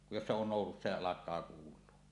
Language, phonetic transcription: Finnish, jos se on nòusussa ja 'alak̀aa kuul̀uo .
- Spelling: jos se on nousussa ja alkaa kuulua

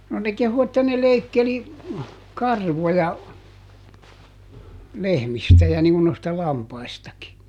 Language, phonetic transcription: Finnish, no ne ˈkehu että ne ˈleikkeli , "karvoja , ˈlehmistä ja niŋ ŋun noista ˈlampaistaki .
- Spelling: no ne kehui että ne leikkeli karvoja lehmistä ja niin kuin noista lampaistakin

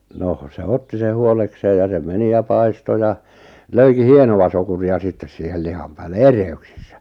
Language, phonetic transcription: Finnish, 'noh 'seh "otti se 'huolekseej ja se 'meni ja 'paisto ja , 'löiki "hienoʷa sokuri₍a 'sittes siihel 'liham päälle "ere₍yks(ɪ)ssᴀ̈ .
- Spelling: no se otti sen huolekseen ja se meni ja paistoi ja löikin hienoa sokeria sitten siihen lihan päälle erehdyksessä

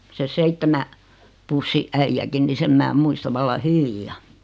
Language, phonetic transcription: Finnish, se "seittemä , 'pussi "’äijäkin ni 'sem mää 'muista valla "hyviʲja .
- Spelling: se seitsemän pussin äijäkin niin sen minä muistan vallan hyvin

